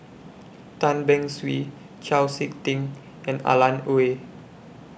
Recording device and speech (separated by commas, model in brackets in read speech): boundary microphone (BM630), read sentence